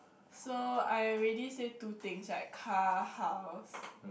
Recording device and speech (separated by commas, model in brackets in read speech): boundary microphone, conversation in the same room